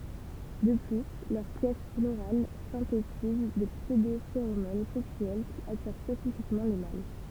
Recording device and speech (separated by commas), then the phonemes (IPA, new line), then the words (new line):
temple vibration pickup, read sentence
də ply lœʁ pjɛs floʁal sɛ̃tetiz de psødofeʁomon sɛksyɛl ki atiʁ spesifikmɑ̃ le mal
De plus, leurs pièces florales synthétisent des pseudo-phéromones sexuelles qui attirent spécifiquement les mâles.